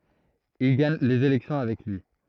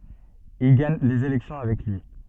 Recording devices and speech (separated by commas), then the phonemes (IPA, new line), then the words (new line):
throat microphone, soft in-ear microphone, read sentence
il ɡaɲ lez elɛksjɔ̃ avɛk lyi
Il gagne les élections avec lui.